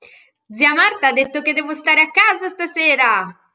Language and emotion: Italian, happy